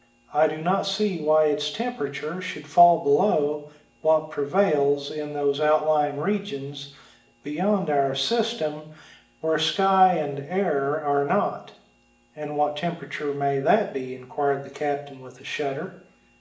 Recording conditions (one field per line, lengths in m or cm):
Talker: one person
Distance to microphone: 1.8 m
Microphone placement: close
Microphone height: 1.0 m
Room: large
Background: none